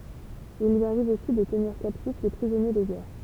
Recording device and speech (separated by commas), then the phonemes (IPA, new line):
temple vibration pickup, read sentence
il lyi aʁiv osi də təniʁ kaptif de pʁizɔnje də ɡɛʁ